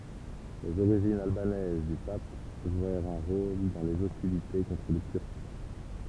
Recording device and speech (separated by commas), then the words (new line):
temple vibration pickup, read sentence
Les origines albanaises du Pape jouèrent un rôle dans les hostilités contre les Turcs.